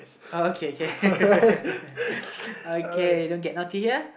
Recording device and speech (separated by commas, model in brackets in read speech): boundary microphone, conversation in the same room